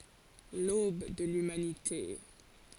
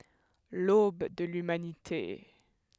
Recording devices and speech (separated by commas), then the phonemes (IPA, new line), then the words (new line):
forehead accelerometer, headset microphone, read sentence
lob də lymanite
L'aube de l'humanité.